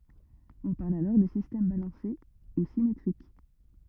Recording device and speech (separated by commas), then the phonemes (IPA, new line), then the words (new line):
rigid in-ear microphone, read sentence
ɔ̃ paʁl alɔʁ də sistɛm balɑ̃se u simetʁik
On parle alors de système balancé ou symétrique.